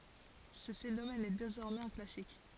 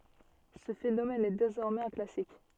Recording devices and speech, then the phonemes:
forehead accelerometer, soft in-ear microphone, read sentence
sə fenomɛn ɛ dezɔʁmɛz œ̃ klasik

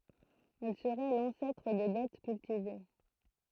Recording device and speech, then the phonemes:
throat microphone, read sentence
ɛl səʁɛ lɑ̃sɛtʁ de bɛt kyltive

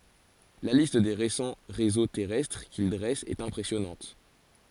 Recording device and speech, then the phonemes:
forehead accelerometer, read sentence
la list de ʁesɑ̃ ʁezo tɛʁɛstʁ kil dʁɛst ɛt ɛ̃pʁɛsjɔnɑ̃t

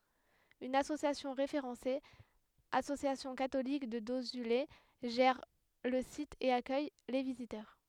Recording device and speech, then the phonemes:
headset microphone, read sentence
yn asosjasjɔ̃ ʁefeʁɑ̃se asosjasjɔ̃ katolik də dozyle ʒɛʁ lə sit e akœj le vizitœʁ

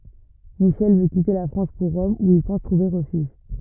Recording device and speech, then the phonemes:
rigid in-ear microphone, read sentence
miʃɛl vø kite la fʁɑ̃s puʁ ʁɔm u il pɑ̃s tʁuve ʁəfyʒ

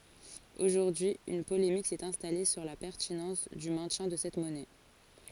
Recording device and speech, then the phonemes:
forehead accelerometer, read sentence
oʒuʁdyi yn polemik sɛt ɛ̃stale syʁ la pɛʁtinɑ̃s dy mɛ̃tjɛ̃ də sɛt mɔnɛ

